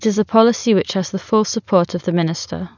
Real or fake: real